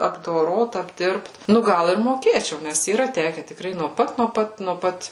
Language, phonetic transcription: Lithuanian, apdoˈrot apˈdirbt ˈnu ˈgal ir moˈkėčiau ˈnes yˈra ˈteke tikˈrai nuo ˈpat nuo ˈpat nuo ˈpat

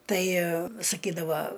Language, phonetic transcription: Lithuanian, ˈtai saˈkydava

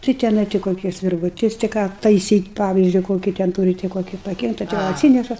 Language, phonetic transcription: Lithuanian, tai tiˈnai ti koˈkis virvuˈtis ti ˈką taiˈsyt' ˈpavizdžiu koˈkį ten ˈtūri ti koˈki paˈgenda ta jau atˈsyneša

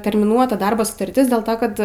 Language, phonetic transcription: Lithuanian, termiˈnuota ˈdarbo sutarˈtis dėl ˈto ˈkad

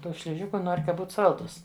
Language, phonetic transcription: Lithuanian, ˈtų šliˈžiku ˈnor' ka ˈbūt ˈsaldūs

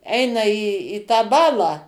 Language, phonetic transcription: Lithuanian, ˈeina į į tą ˈbalą

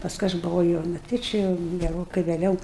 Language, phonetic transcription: Lithuanian, pasˈkui aš buˈvau jau nu ˈti či jau geˈrokai vėˈliau

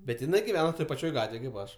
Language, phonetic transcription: Lithuanian, bet jiˈnai giˈvena toj paˈčioj ˈgatvėj kaip ˈaš

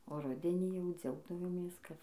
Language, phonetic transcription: Lithuanian, o ˈrudenį jau ˈdziaugdavomės kad

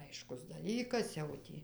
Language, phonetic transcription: Lithuanian, ˈaiškus daˈlykas jau ˈtį

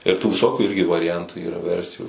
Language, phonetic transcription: Lithuanian, ir tų viˈsokių ˈirgi variˈjantu ˈyra ˈversijų

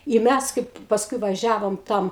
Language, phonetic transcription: Lithuanian, i ˈmæs ˈkaip pasˈkui vaˈžiavom ˈtam

